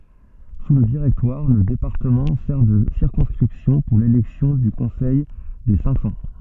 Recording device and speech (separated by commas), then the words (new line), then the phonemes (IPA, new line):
soft in-ear microphone, read sentence
Sous le Directoire, le département sert de circonscription pour l'élection du Conseil des Cinq-Cents.
su lə diʁɛktwaʁ lə depaʁtəmɑ̃ sɛʁ də siʁkɔ̃skʁipsjɔ̃ puʁ lelɛksjɔ̃ dy kɔ̃sɛj de sɛ̃k sɑ̃